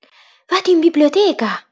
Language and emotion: Italian, surprised